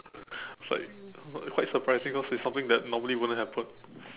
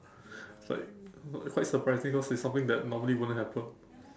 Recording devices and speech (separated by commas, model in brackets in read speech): telephone, standing microphone, conversation in separate rooms